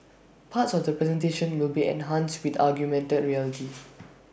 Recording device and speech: boundary microphone (BM630), read sentence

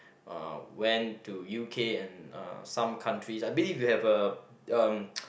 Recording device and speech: boundary microphone, conversation in the same room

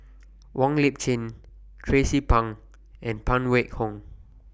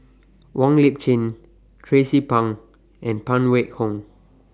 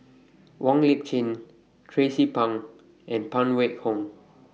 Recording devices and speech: boundary microphone (BM630), standing microphone (AKG C214), mobile phone (iPhone 6), read sentence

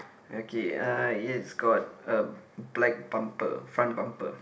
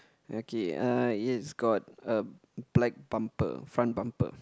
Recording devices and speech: boundary microphone, close-talking microphone, conversation in the same room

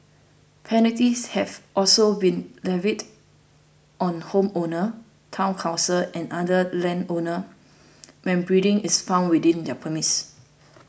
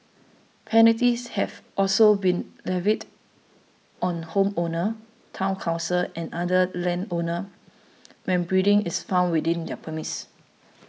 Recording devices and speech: boundary microphone (BM630), mobile phone (iPhone 6), read sentence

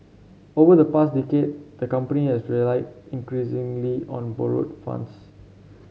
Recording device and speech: mobile phone (Samsung C7), read sentence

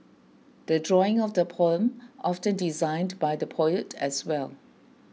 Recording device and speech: mobile phone (iPhone 6), read sentence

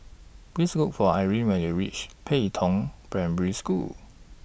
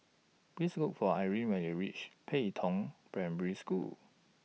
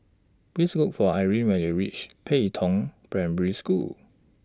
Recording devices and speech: boundary microphone (BM630), mobile phone (iPhone 6), standing microphone (AKG C214), read sentence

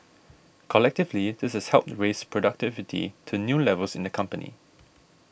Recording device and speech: boundary microphone (BM630), read sentence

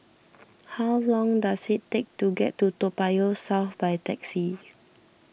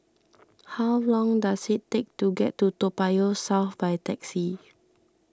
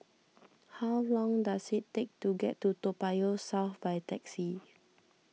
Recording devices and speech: boundary microphone (BM630), standing microphone (AKG C214), mobile phone (iPhone 6), read sentence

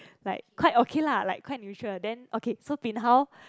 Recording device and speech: close-talking microphone, conversation in the same room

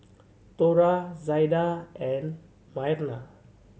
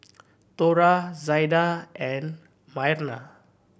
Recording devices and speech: mobile phone (Samsung C7100), boundary microphone (BM630), read sentence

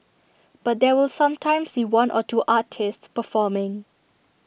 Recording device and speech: boundary microphone (BM630), read sentence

